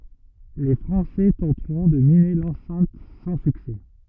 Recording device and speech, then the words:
rigid in-ear microphone, read sentence
Les Français tenteront de miner l'enceinte sans succès.

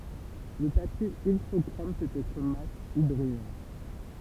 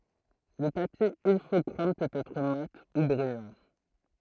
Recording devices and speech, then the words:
temple vibration pickup, throat microphone, read sentence
Le papier Ilfochrome peut être mat ou brillant.

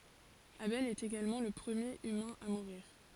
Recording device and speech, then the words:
forehead accelerometer, read sentence
Abel est également le premier humain à mourir.

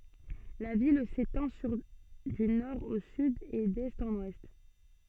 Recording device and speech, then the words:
soft in-ear microphone, read sentence
La ville s'étend sur du nord au sud et d'est en ouest.

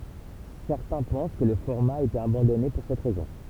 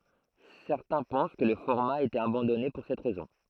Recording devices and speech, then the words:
temple vibration pickup, throat microphone, read sentence
Certains pensent que le format a été abandonné pour cette raison.

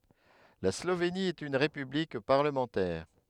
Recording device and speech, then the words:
headset microphone, read sentence
La Slovénie est une république parlementaire.

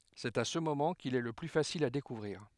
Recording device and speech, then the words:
headset microphone, read sentence
C'est à ce moment qu'il est le plus facile à découvrir.

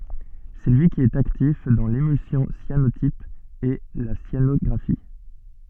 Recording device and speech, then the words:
soft in-ear microphone, read sentence
C'est lui qui est actif dans l'émulsion cyanotype et la cyanographie.

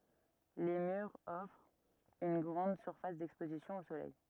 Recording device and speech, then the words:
rigid in-ear microphone, read sentence
Les murs offrent une grande surface d'exposition au soleil.

